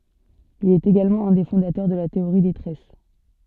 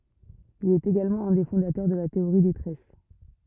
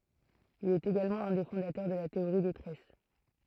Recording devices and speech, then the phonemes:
soft in-ear microphone, rigid in-ear microphone, throat microphone, read sentence
il ɛt eɡalmɑ̃ œ̃ de fɔ̃datœʁ də la teoʁi de tʁɛs

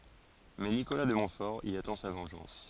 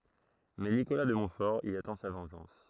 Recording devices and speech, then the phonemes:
forehead accelerometer, throat microphone, read sentence
mɛ nikola də mɔ̃tfɔʁ i atɑ̃ sa vɑ̃ʒɑ̃s

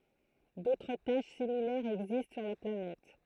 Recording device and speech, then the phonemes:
throat microphone, read sentence
dotʁ taʃ similɛʁz ɛɡzist syʁ la planɛt

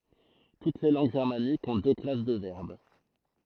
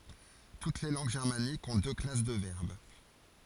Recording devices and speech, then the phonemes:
throat microphone, forehead accelerometer, read sentence
tut le lɑ̃ɡ ʒɛʁmanikz ɔ̃ dø klas də vɛʁb

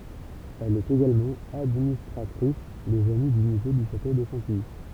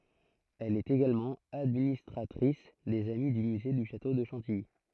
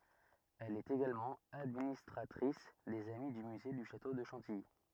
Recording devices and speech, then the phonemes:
temple vibration pickup, throat microphone, rigid in-ear microphone, read sentence
ɛl ɛt eɡalmɑ̃ administʁatʁis dez ami dy myze dy ʃato də ʃɑ̃tiji

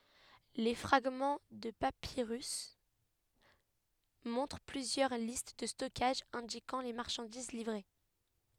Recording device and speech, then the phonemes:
headset microphone, read sentence
le fʁaɡmɑ̃ də papiʁys mɔ̃tʁ plyzjœʁ list də stɔkaʒ ɛ̃dikɑ̃ le maʁʃɑ̃diz livʁe

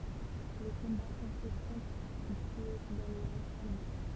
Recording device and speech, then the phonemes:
temple vibration pickup, read sentence
le kɔ̃baz ɔ̃ fɛ tʁɑ̃t tye dɑ̃ le ʁɑ̃z almɑ̃

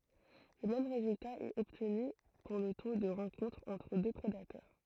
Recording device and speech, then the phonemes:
throat microphone, read sentence
lə mɛm ʁezylta ɛt ɔbtny puʁ lə to də ʁɑ̃kɔ̃tʁ ɑ̃tʁ dø pʁedatœʁ

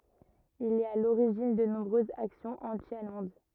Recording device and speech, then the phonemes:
rigid in-ear microphone, read sentence
il ɛt a loʁiʒin də nɔ̃bʁøzz aksjɔ̃z ɑ̃ti almɑ̃d

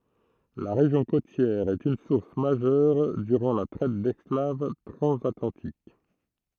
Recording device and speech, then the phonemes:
throat microphone, read sentence
la ʁeʒjɔ̃ kotjɛʁ ɛt yn suʁs maʒœʁ dyʁɑ̃ la tʁɛt dɛsklav tʁɑ̃zatlɑ̃tik

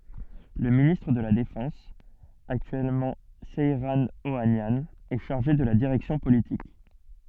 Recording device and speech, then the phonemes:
soft in-ear microphone, read sentence
lə ministʁ də la defɑ̃s aktyɛlmɑ̃ sɛʁɑ̃ oanjɑ̃ ɛ ʃaʁʒe də la diʁɛksjɔ̃ politik

